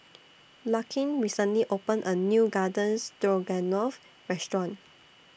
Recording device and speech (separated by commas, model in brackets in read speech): boundary microphone (BM630), read sentence